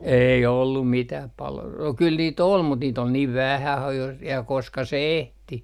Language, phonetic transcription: Finnish, 'ei ollum 'mitäh palo- , no kyl 'niit ‿ol mut niit ‿ol niiv "vähä (ha - jos) , ja 'koska se "ehti .
- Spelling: ei ollut mitään - no kyllä niitä oli mutta niitä oli niin vähän - jos ja koska se ehti

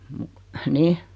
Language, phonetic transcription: Finnish, muk , "nih .
- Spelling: mutta niin

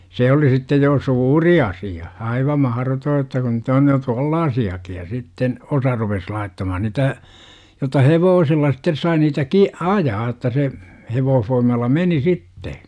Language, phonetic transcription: Finnish, 'se oli sittej jo "suuri 'asi₍a , 'aiva 'mahrotoo että kun 'nyt ‿on jo "tᵘollaasi₍aki ja 'sitten , 'osa rupes 'laittamahan nitä , jota "hevoosilla sittes 'sai niitä ki- , "ajaa otta se , 'hevoohfoim̆malla "meni sitte .
- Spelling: se oli sitten jo suuri asia aivan mahdoton että kun nyt on jo tuollaisiakin ja sitten osa rupesi laittamaan niitä jota hevosilla sitten sai niitä - ajaa jotta se hevosvoimalla meni sitten

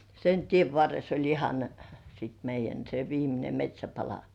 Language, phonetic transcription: Finnish, sen "tiev 'varres ‿oĺ 'ihan , sit meij̆jän se "viimine 'met́śäpala .
- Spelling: sen tien varressa oli ihan sitten meidän se viimeinen metsäpala

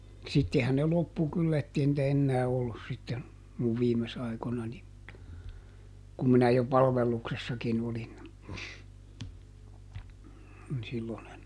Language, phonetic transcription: Finnish, ˈsittehän ne ˈloppu ˈkyllä ettei nⁱtä ˈennää ˈollus sitten , muv ˈviimes ˈaikonani , kum minä jo ˈpalvelluksessakin ‿olin , (n sillon ‿en) .
- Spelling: sittenhän ne loppui kyllä että ei niitä enää ollut sitten minun viime aikoinani kun minä jo palveluksessakin olin niin silloin en

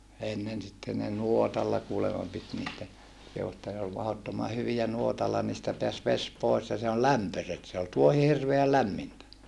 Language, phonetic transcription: Finnish, ennen sitten ne nuotalla kuulema pit niitä ja , kehu että ne ol mahottoma hyvijä nuotalla niistä peäs ves pois ja se on lämpöset se ol tuohi hirveäl lämmintä .
- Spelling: ennen sitten ne nuotalla kuulemma piti niitä ja kehui että ne oli mahdottoman hyviä nuotalla niistä pääsi vesi pois ja se on lämpöiset se oli tuohi hirveän lämmintä

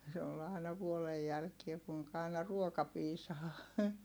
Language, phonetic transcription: Finnish, se ol ài̮na vuolej jälkie kuiŋka ài̮na ruoka piisaa .
- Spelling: se oli aina vuoden jälkeen kuinka aina ruoka piisaa

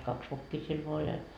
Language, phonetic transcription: Finnish, 'kaks vokkii siel voa oĺ ja .
- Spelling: kaksi vokkia siellä vain oli ja

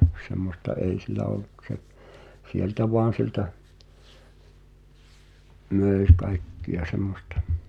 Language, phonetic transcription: Finnish, 'semmosta "èi sil̆lä oluk ᵏᵘ se , 'sieltä "voan̬ siĕltä , 'mö̀i̬ 'kaikki₍a "semmostᴀ .
- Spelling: semmoista ei sillä ollut kun se sieltä vain sieltä myi kaikkea semmoista

